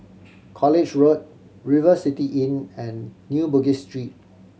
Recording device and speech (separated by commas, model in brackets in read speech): mobile phone (Samsung C7100), read sentence